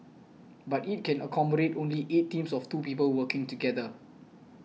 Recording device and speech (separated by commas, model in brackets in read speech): mobile phone (iPhone 6), read sentence